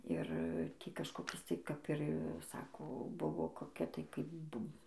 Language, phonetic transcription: Lithuanian, ˈir ˈtį kažkoˈkis tai kap ir ˈsako ˈbuvo koˈkia tai kaip ˈbum

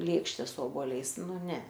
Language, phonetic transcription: Lithuanian, ˈlėkšte su oboˈliais ˈnu ˈne

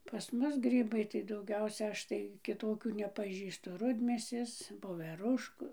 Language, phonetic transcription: Lithuanian, pas ˈmus ˈgrybai tai dauˈgiausia ˈaš tai kiˈtokių nepaˈžįstu ˈrudmėsės voveˈrušku

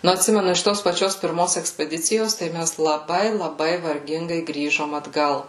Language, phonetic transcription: Lithuanian, nu atˈsimenu iš ˈtos paˈčios pirˈmos ekspeˈdicijos tai ˈmæs laˈbai laˈbai varˈgingai ˈgrįžom atˈgal

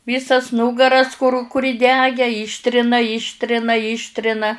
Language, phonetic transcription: Lithuanian, ˈvysas ˈnūgaras kur ˈkur įˈdegę ˈyštrina ˈyštrina ˈyštrina

